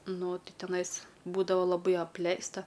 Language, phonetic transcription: Lithuanian, ˈnu ˈti teˈnais ˈbūdava laˈbai apˈleista

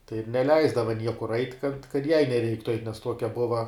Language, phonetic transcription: Lithuanian, tai ir neˈleisdava ˈniekur ait' kad kad jai neˈreiktu ait' nes ˈtuokia ˈbuva

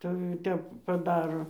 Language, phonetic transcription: Lithuanian, tai ˈtep paˈdaro

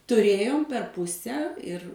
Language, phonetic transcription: Lithuanian, tuˈrėjom per ˈpuse ir

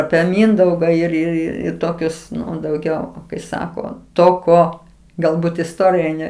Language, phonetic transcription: Lithuanian, apie ˈmindauga ir ir ˈir ir ˈtokius dauˈgiau kai ˈsako ˈto ˈko galˈbūt isˈtorija ˈne

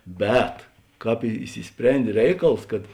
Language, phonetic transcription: Lithuanian, ˈbet ˈkāp i išsiˈsprendė ˈreikals kad

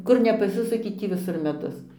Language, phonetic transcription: Lithuanian, ˈkur nepaˈsisuki ˈtį viˈsur meˈdus

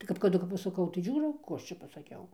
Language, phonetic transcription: Lithuanian, tai kap kaˈdu kap pasaˈkau tai ˈžiūro ˈkų ˈaš čia pasaˈkiau

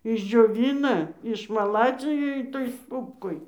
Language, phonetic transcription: Lithuanian, išdžioˈvina išmaˈladzija iˈtoj ˈstūpkoj

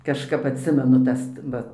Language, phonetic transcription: Lithuanian, kažˈkap atˈsimenu ˈtas ˈva

